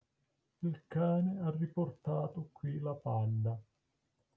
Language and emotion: Italian, neutral